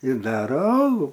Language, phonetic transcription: Lithuanian, ir ˈdara ˈalų

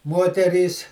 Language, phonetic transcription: Lithuanian, ˈmoterys

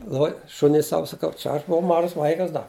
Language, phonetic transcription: Lithuanian, ˈloj ˈšuniui ˈsau saˈkau ˈčia aš buˈvau ˈmažas ˈvaikas ˈda

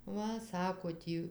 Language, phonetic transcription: Lithuanian, ˈva ˈsako ˈtį

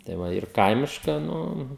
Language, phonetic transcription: Lithuanian, tai ˈva ir ˈkaimiška ˈnu

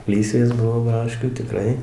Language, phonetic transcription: Lithuanian, ˈlysvės ˈbuvo ˈbraškių tiˈkrai

